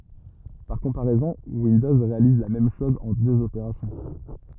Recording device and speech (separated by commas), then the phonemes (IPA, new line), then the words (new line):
rigid in-ear microphone, read sentence
paʁ kɔ̃paʁɛzɔ̃ windɔz ʁealiz la mɛm ʃɔz ɑ̃ døz opeʁasjɔ̃
Par comparaison, Windows réalise la même chose en deux opérations.